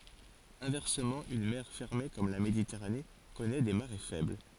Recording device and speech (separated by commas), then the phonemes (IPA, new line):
forehead accelerometer, read sentence
ɛ̃vɛʁsəmɑ̃ yn mɛʁ fɛʁme kɔm la meditɛʁane kɔnɛ de maʁe fɛbl